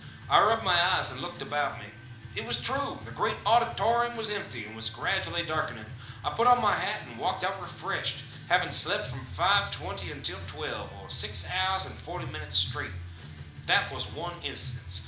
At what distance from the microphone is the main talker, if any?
2.0 m.